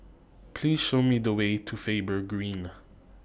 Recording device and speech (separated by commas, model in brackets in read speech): boundary microphone (BM630), read sentence